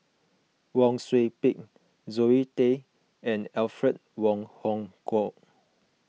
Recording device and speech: mobile phone (iPhone 6), read sentence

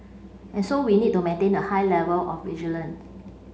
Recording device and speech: mobile phone (Samsung C5), read sentence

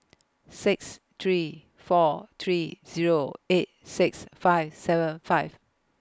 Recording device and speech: close-talking microphone (WH20), read sentence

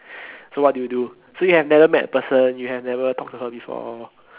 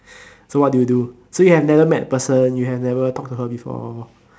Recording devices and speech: telephone, standing microphone, conversation in separate rooms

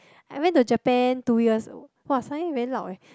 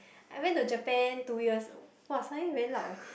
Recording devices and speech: close-talking microphone, boundary microphone, conversation in the same room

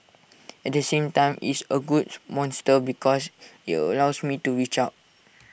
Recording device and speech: boundary microphone (BM630), read sentence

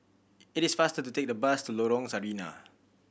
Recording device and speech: boundary microphone (BM630), read sentence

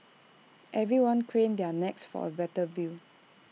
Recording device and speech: mobile phone (iPhone 6), read sentence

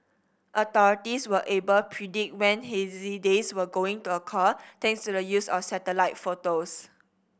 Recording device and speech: boundary microphone (BM630), read sentence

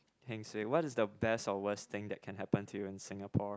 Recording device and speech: close-talking microphone, conversation in the same room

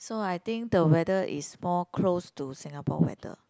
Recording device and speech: close-talking microphone, conversation in the same room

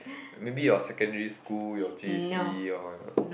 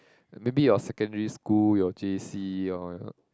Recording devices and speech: boundary microphone, close-talking microphone, conversation in the same room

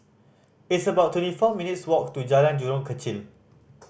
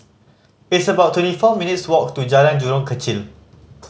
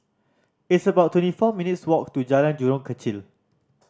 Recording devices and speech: boundary microphone (BM630), mobile phone (Samsung C5010), standing microphone (AKG C214), read sentence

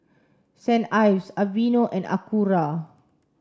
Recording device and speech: standing microphone (AKG C214), read sentence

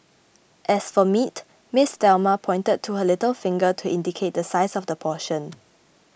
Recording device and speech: boundary microphone (BM630), read sentence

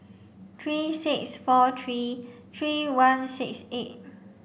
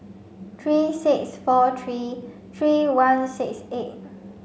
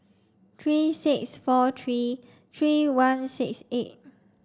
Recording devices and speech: boundary microphone (BM630), mobile phone (Samsung C5), standing microphone (AKG C214), read sentence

